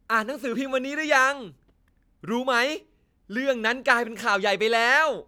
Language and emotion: Thai, happy